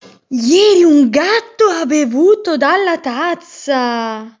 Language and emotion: Italian, surprised